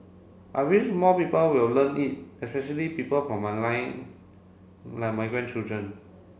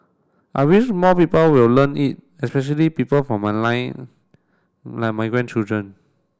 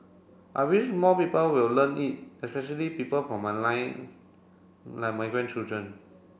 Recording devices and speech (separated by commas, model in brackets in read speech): mobile phone (Samsung C7), standing microphone (AKG C214), boundary microphone (BM630), read sentence